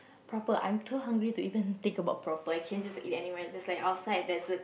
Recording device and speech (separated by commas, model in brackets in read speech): boundary microphone, conversation in the same room